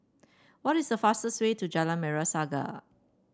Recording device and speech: standing microphone (AKG C214), read sentence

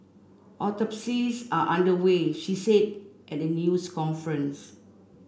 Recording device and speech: boundary microphone (BM630), read sentence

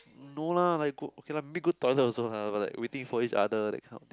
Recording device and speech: close-talking microphone, conversation in the same room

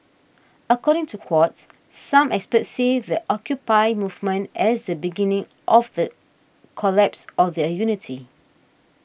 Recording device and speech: boundary microphone (BM630), read sentence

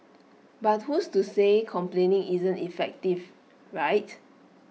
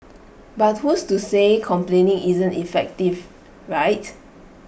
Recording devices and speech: mobile phone (iPhone 6), boundary microphone (BM630), read sentence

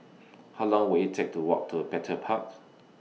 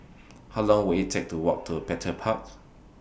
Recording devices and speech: mobile phone (iPhone 6), boundary microphone (BM630), read sentence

